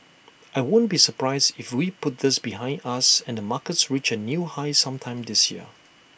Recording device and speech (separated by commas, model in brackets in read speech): boundary microphone (BM630), read sentence